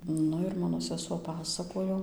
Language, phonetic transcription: Lithuanian, ˈnu ir ˈmano seˈsuo paˈsakojo

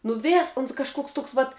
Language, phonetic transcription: Lithuanian, nu ˈvės uns kažˈkoks ˈtoks vat

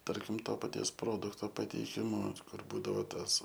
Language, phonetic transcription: Lithuanian, ˈtarkim ˈto paˈties ˈprodukto pateiˈkimu ˈkur ˈbūdavo ˈtas

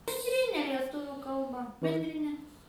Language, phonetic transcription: Lithuanian, benˈdrine lieˈtuvių kalˈba bendriˈne

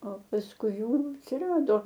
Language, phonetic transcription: Lithuanian, o pasˈkui ˈjų atsiˈrado

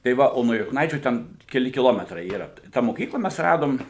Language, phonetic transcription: Lithuanian, tai ˈva ˈo nuo jukˈnaičių ˈten keˈli kiˈlometrai ˈyra tą moˈkykla ˈmes ˈradom

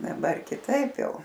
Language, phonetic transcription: Lithuanian, daˈbar kiˈtaip ˈjau

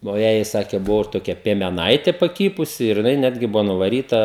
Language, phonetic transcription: Lithuanian, nu ˈjąjai ˈsakė ˈbuvo ir toˈkia piemeˈnaitė paˈkypusi ir jiˈnai ˈnetgi ˈbuvo nuvaˈryta

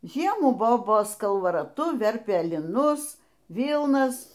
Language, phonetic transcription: Lithuanian, ˈžiemų ˈbobos kalvaraˈtu ˈverpė liˈnus ˈvylnas

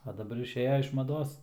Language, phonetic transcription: Lithuanian, a daˈbar išˈėja iš maˈdos

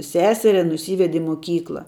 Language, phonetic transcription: Lithuanian, ˈseseria nuˈsyvedi i moˈkykla

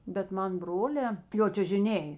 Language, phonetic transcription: Lithuanian, bet ˈman ˈbrolē jo čiužiˈnėj

